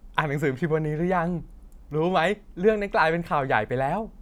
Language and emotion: Thai, happy